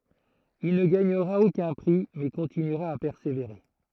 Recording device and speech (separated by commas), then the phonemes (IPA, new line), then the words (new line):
throat microphone, read sentence
il nə ɡaɲəʁa okœ̃ pʁi mɛ kɔ̃tinyʁa a pɛʁseveʁe
Il ne gagnera aucun prix, mais continuera à persévérer.